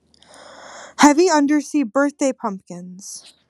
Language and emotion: English, surprised